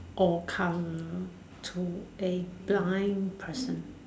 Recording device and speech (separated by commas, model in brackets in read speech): standing microphone, conversation in separate rooms